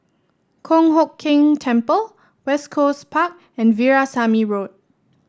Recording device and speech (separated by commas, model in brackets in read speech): standing microphone (AKG C214), read sentence